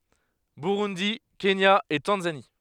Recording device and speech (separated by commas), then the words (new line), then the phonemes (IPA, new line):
headset microphone, read sentence
Burundi, Kenya et Tanzanie.
buʁundi kenja e tɑ̃zani